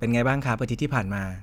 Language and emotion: Thai, neutral